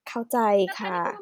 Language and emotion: Thai, frustrated